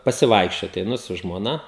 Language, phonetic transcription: Lithuanian, pasiˈvaikščiot eiˈnu su žmoˈna

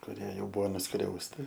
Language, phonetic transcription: Lithuanian, kuˈrie ˈjau ˈbūvo nuˈskriausti

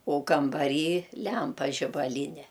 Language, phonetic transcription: Lithuanian, o kambaˈryˈlempa žibaˈlyne

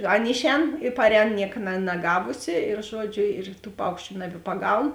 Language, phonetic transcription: Lithuanian, ˈan ˈišˌēn i ˈparˌēn ˈniek na naˈgavusi ir ˈžuoˌdžiu ir tų ˈpaukščiu nabipaˈgaun

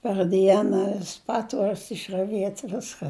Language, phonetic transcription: Lithuanian, par ˈdiena vis ˈpatvuorius išraˈviet' ˈviska

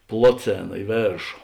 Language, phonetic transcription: Lithuanian, ˈploˌcėna i ˈvėršo

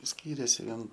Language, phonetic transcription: Lithuanian, ˈskyrėsi ˈvien

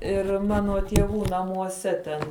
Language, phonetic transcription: Lithuanian, ir ˈmano tieˈvų namuoˈse ten

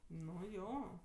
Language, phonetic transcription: Lithuanian, nu ˈjo

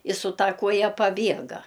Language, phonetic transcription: Lithuanian, i su ˈta ˈkuoja paˈbiega

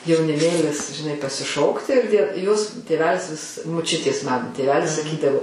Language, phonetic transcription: Lithuanian, jauniˈmėlis žiˈnai pasiˈšokti ir die jos ˈtėvelis vis muˈčiutės ˈmanu tėˈvelis saˈkydavo

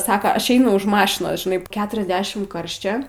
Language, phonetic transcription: Lithuanian, ˈsaka ˈaš ˈeinu už ˈmašinos žiˈnai ˈketriasdešim ˈkarščia

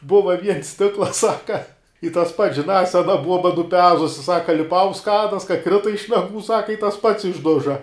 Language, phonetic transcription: Lithuanian, ˈbuva viens ˈstiklas ˈsaka i tas pats žinā ˈsena ˈbuoba nuˈpezusi ˈsaka liˈpau unt ˈskadas ka ˈkrita iš naˈgų ˈsaka i tas pats išˈduža

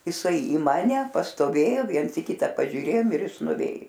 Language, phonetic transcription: Lithuanian, jiˈsai į ˈmane pastoˈvėjo ˈviens i ˈkita ˈpažiūˈrėjom ir ˈjis nuˈvėj

